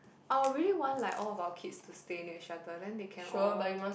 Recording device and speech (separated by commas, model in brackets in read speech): boundary microphone, conversation in the same room